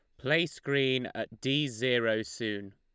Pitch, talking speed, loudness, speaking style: 125 Hz, 140 wpm, -30 LUFS, Lombard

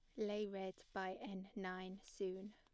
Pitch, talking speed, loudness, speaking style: 195 Hz, 155 wpm, -47 LUFS, plain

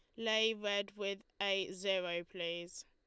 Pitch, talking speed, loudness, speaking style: 195 Hz, 135 wpm, -37 LUFS, Lombard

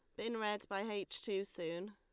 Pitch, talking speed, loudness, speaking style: 200 Hz, 210 wpm, -41 LUFS, Lombard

